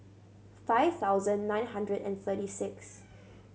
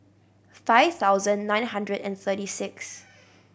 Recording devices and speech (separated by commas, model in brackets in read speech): mobile phone (Samsung C7100), boundary microphone (BM630), read sentence